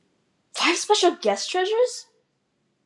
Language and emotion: English, surprised